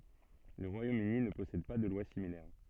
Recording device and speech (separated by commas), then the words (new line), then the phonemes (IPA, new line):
soft in-ear microphone, read sentence
Le Royaume-Uni ne possède pas de loi similaire.
lə ʁwajomøni nə pɔsɛd pa də lwa similɛʁ